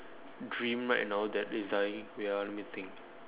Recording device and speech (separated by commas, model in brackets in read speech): telephone, conversation in separate rooms